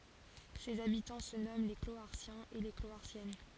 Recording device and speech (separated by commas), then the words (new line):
forehead accelerometer, read sentence
Ses habitants se nomment les Cloharsiens et les Cloharsiennes.